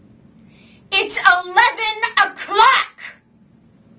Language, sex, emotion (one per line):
English
female
angry